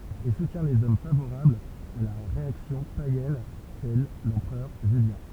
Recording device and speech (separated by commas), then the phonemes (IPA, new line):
temple vibration pickup, read sentence
e sutjɛ̃ lez ɔm favoʁablz a la ʁeaksjɔ̃ pajɛn tɛl lɑ̃pʁœʁ ʒyljɛ̃